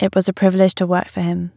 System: none